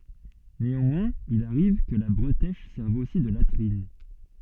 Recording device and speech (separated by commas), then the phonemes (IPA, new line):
soft in-ear microphone, read sentence
neɑ̃mwɛ̃z il aʁiv kə la bʁətɛʃ sɛʁv osi də latʁin